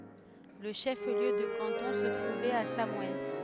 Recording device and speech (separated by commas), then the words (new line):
headset microphone, read sentence
Le chef-lieu de canton se trouvait à Samoëns.